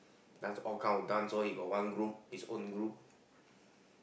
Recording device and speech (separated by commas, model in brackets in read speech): boundary microphone, conversation in the same room